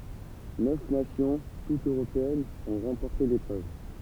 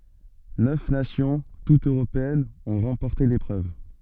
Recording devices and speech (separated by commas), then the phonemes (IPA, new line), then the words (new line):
temple vibration pickup, soft in-ear microphone, read sentence
nœf nasjɔ̃ tutz øʁopeɛnz ɔ̃ ʁɑ̃pɔʁte lepʁøv
Neuf nations, toutes européennes, ont remporté l'épreuve.